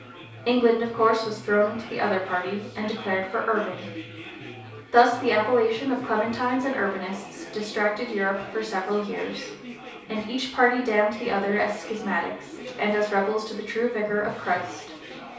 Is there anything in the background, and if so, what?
Crowd babble.